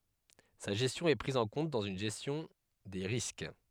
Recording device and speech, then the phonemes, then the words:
headset microphone, read sentence
sa ʒɛstjɔ̃ ɛ pʁiz ɑ̃ kɔ̃t dɑ̃z yn ʒɛstjɔ̃ de ʁisk
Sa gestion est prise en compte dans une gestion des risques.

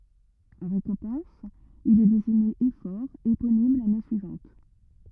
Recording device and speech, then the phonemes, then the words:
rigid in-ear microphone, read sentence
ɑ̃ ʁekɔ̃pɑ̃s il ɛ deziɲe efɔʁ eponim lane syivɑ̃t
En récompense, il est désigné éphore éponyme l’année suivante.

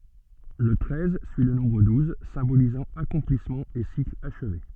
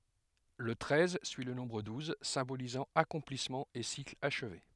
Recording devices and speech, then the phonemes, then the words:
soft in-ear microphone, headset microphone, read sentence
lə tʁɛz syi lə nɔ̃bʁ duz sɛ̃bolizɑ̃ akɔ̃plismɑ̃ e sikl aʃve
Le treize suit le nombre douze, symbolisant accomplissement et cycle achevé.

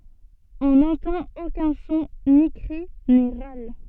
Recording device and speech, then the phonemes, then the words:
soft in-ear microphone, read sentence
ɔ̃ nɑ̃tɑ̃t okœ̃ sɔ̃ ni kʁi ni ʁal
On n'entend aucun son, ni cri, ni râle.

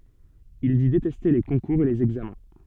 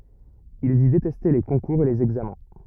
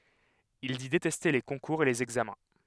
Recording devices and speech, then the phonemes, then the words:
soft in-ear microphone, rigid in-ear microphone, headset microphone, read sentence
il di detɛste le kɔ̃kuʁz e lez ɛɡzamɛ̃
Il dit détester les concours et les examens.

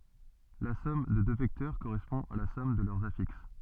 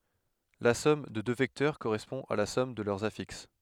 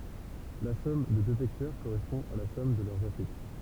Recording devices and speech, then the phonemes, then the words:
soft in-ear microphone, headset microphone, temple vibration pickup, read sentence
la sɔm də dø vɛktœʁ koʁɛspɔ̃ a la sɔm də lœʁz afiks
La somme de deux vecteurs correspond à la somme de leurs affixes.

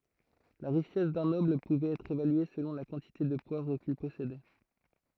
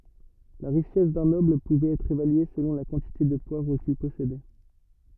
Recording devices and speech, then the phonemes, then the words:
throat microphone, rigid in-ear microphone, read sentence
la ʁiʃɛs dœ̃ nɔbl puvɛt ɛtʁ evalye səlɔ̃ la kɑ̃tite də pwavʁ kil pɔsedɛ
La richesse d'un noble pouvait être évaluée selon la quantité de poivre qu'il possédait.

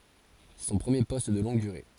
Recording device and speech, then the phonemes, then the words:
forehead accelerometer, read sentence
sɛ sɔ̃ pʁəmje pɔst də lɔ̃ɡ dyʁe
C'est son premier poste de longue durée.

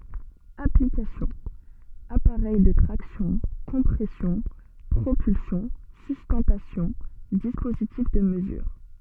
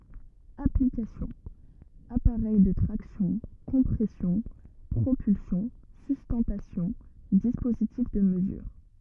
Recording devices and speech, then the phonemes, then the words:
soft in-ear microphone, rigid in-ear microphone, read sentence
aplikasjɔ̃ apaʁɛj də tʁaksjɔ̃ kɔ̃pʁɛsjɔ̃ pʁopylsjɔ̃ systɑ̃tasjɔ̃ dispozitif də məzyʁ
Application: appareil de traction, compression, propulsion, sustentation, dispositif de mesure.

